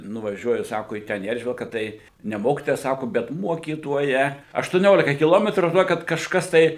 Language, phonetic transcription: Lithuanian, nuvaˈžiuoju ˈsako į ˈten į ˈeržvilka ˈtai ˈne ˈmokitoja ˈsaku bet ˈmuokytoja aštuˈniolika kiˈlometrų žiˈnokit kažˈkas tai

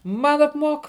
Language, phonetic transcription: Lithuanian, ˈman apˈmuok

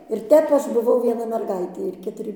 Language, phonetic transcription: Lithuanian, ir ˈtep ˈaš buˈvau vieˈna merˈgaitė ir ketuˈri

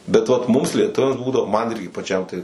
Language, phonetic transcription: Lithuanian, be vat ˈmums lieˈtuviams ˈbūdavo man ˈirgi paˈčiam tai

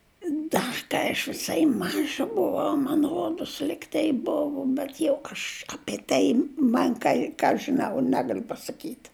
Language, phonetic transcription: Lithuanian, ˈda kai aš viˈsai ˈmaža ˈbuvau man ˈrodus ˈligtai ˈbuvu bet jau aš apie ˈtai ˈman kai ˈką aš žiˈnau ˈnegaliu pasaˈkyt'

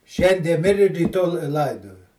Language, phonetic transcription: Lithuanian, ˈšiandie ˈmiri ryˈto l ˈlaidoja

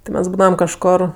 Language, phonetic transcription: Lithuanian, ti ˈmes ˈbūdavam kažˈkor

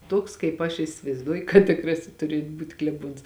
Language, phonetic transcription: Lithuanian, ˈtuoks kaip aš isivaizˈduoju kad tiˈkrasis ˈturiet ˈbūt' kleˈbuons

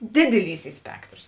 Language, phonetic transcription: Lithuanian, didiˈlys ˈy ˈspektros

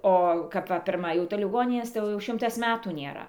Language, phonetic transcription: Lithuanian, ˈo kap ˈva pirˈma jau tai liˈgoninės tai ˈjau jau ˈšimtas ˈmetų nėˈra

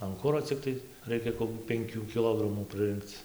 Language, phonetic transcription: Lithuanian, an ˈkuro cikˈtai ˈraikia kokių penˈkių kiˈlogramų prɨˈrɨnkc

